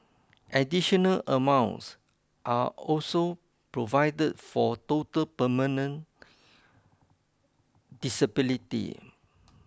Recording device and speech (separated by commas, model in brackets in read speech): close-talking microphone (WH20), read sentence